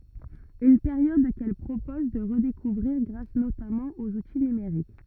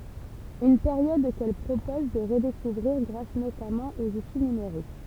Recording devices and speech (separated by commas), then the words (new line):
rigid in-ear microphone, temple vibration pickup, read sentence
Une période qu’elle propose de redécouvrir grâce notamment aux outils numériques.